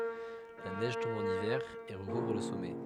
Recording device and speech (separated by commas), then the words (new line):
headset microphone, read sentence
La neige tombe en hiver et recouvre le sommet.